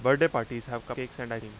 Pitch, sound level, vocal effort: 120 Hz, 91 dB SPL, loud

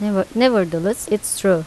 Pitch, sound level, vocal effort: 205 Hz, 84 dB SPL, normal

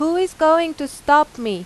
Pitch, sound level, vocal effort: 300 Hz, 93 dB SPL, loud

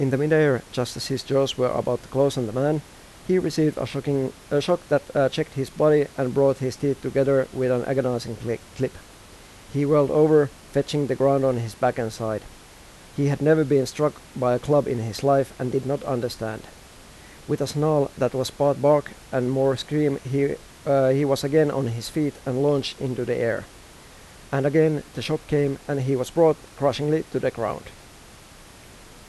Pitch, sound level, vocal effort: 135 Hz, 86 dB SPL, normal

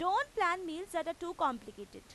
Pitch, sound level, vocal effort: 340 Hz, 95 dB SPL, very loud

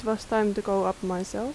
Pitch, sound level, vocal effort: 205 Hz, 80 dB SPL, soft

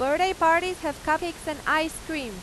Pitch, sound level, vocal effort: 315 Hz, 98 dB SPL, very loud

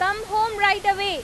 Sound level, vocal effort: 97 dB SPL, very loud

